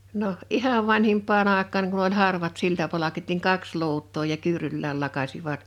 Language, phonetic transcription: Finnish, 'noh , "ihav 'vanhimp̆paa'n ‿àek̆kaaŋ kun ‿oĺ 'harvat 'siltapalakit niŋ "kaks 'luut̆too ja 'kyyruyllääl 'lakasivat .
- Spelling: no ihan vanhimpaan aikaan kun oli harvat siltapalkit niin kaksi luutaa ja kyyryllään lakaisivat

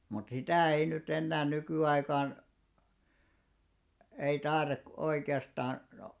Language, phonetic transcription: Finnish, mut 'sitä̀ ei ny't ‿ennää 'nykỳ₍aikaan , ei 'tae§rak- , 'oike₍astaan , no .
- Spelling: mutta sitä ei nyt enää nykyaikaan ei - oikeastaan no

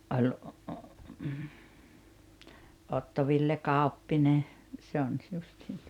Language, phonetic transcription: Finnish, ’oĺ , 'Otto Ville "Kàoppine , 'se on ‿s- 'justiin tᴜᴏtᴀ ,.
- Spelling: - Otto Ville Kauppinen se on - justiin tuota

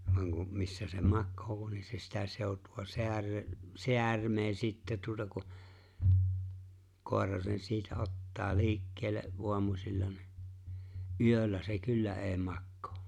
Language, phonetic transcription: Finnish, vaŋ ku , 'missä se "makkoo voan ni se 'sitä 'sèot̀ua 'seärö- , "seärmee 'sittä tuota ku , 'kòer̀a sen 'siitä "’ottaa "li̬ikkel̆le’ '’o̬amusilla ni̬ , "’yöl̆lä se "kyllä '’è̬i̬ "makkᴏᴏ .
- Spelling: vaan kun missä se makaa vain niin se sitä seutua - säärmää sitten tuota kun koira sen siitä ottaa liikkeelle aamusilla niin yöllä se kyllä ei makaa

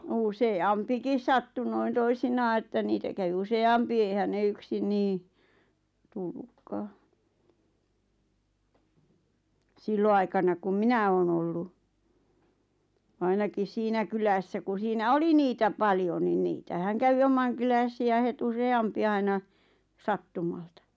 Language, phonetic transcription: Finnish, 'use₍"ampikis sattu noin 'toisinaa että 'niitä kävⁱ 'use₍"ampi eihän 'ne 'yksin nii , 'tullukkaa , "sillo₍aikana kum "minä 'oon ‿ollu , 'ainakis "siinä kylässä ku 'siinä "oli niitä paljon ni 'niitähäŋ 'kävi -"omaŋkyläsi₍ä het 'use₍"ampi 'aina , "sattumalta .
- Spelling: useampikin sattui noin toisinaan että niitä kävi useampi eihän ne yksin niin tullutkaan silloinaikana kun minä olen ollut ainakin siinä kylässä kun siinä oli niitä paljon niin niitähän kävi omankyläisiä heti useampi aina sattumalta

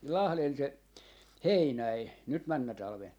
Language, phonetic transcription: Finnish, 'Lahlen se- , "Heinäi , nyt 'männä 'talven .
- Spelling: Lahden - Heinänen nyt menneenä talvena

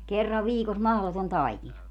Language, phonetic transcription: Finnish, 'kerrav "viikos 'mahloton "taikina .
- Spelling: kerran viikossa mahdoton taikina

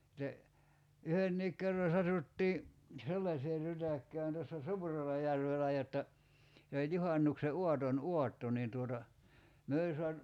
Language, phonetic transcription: Finnish, [sit]te , 'yhenniik kerra 'satuttii , "sellasee 'rytäkkään tässä "Suurela'järvelä jotta , se oĺ 'juhaǹukse 'uaton "uatto niin tuota , 'myö oĺ soa(tu) ,.
- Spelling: sitten yhdenkin kerran satuttiin sellaiseen rytäkkään tässä Suurellajärvellä jotta se oli juhannuksen aaton aatto niin tuota me oli saatu

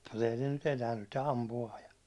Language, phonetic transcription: Finnish, mutta ei ne nyt 'enää nyt ne 'ampu₍aa ja ,.
- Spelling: mutta ei ne nyt enää nyt ne ampuu ja

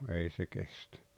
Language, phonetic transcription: Finnish, ei se 'kestᴀ̈ .
- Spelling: ei se kestä

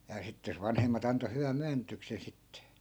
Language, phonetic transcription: Finnish, ja sitte jos 'vanhemma't ‿anto hyväm̆ 'myännytyksen sitt(E) .
- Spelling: ja sitten jos vanhemmat antoi hyvän myönnytyksen sitten

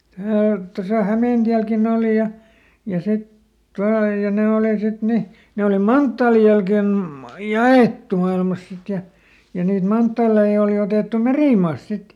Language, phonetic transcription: Finnish, Häät- , tosa ˈHämèntiälkin ‿òli ja , ja ˈsit ˈtual ja ˈne òli ˈsit ˈni , ˈne oli "manttaalij̆ jälken , "ja₍èttu mailmas sit ja , ja niit ˈmanttaalei òli otèttu "merìmaast ˈsit .
- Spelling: - tuossa Hämeentielläkin oli ja ja sitten tuolla ja ne oli sitten niin ne oli manttaalin jälkeen jaettu maailmassa sitten ja ja niitä manttaaleita oli otettu merimaasta sitten

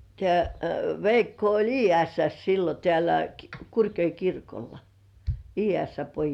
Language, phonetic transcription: Finnish, tĕä̀ "Veikko oĺ '’Ii₍ässäs sillo tĕä̀lä , 'Kurkjoi kirkolla , Ii₍ässä 'pojis .
- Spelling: tämä Veikko oli Iiässässä silloin täällä Kurkijoella kirkolla Iiässän pojissa

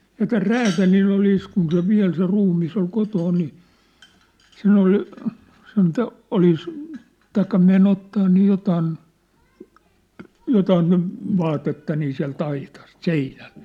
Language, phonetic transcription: Finnish, ja täl "räätälill ‿olìs kun se 'viä̭l se 'ruummis ‿ol 'kotoon ni , 'sen ‿oli , sen 'to’- , 'olis , taikka 'me'n ‿ottaa nii 'jotaan , 'jotaan nyv̳ , 'vaatetta nii siä̭l't ‿aitast , "seinält .
- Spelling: ja tällä räätälillä oli kun se vielä se ruumis oli kotona niin sen oli sen - olisi tai meni ottamaan niin jotakin jotakin nyt vaatetta niin sieltä aitasta seinältä

